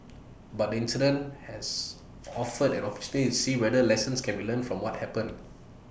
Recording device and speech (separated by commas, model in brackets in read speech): boundary microphone (BM630), read sentence